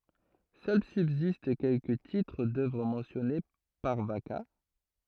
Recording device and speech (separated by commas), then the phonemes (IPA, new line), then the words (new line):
throat microphone, read sentence
sœl sybzist kɛlkə titʁ dœvʁ mɑ̃sjɔne paʁ vaka
Seuls subsistent quelques titres d'œuvre mentionnés par Vacca.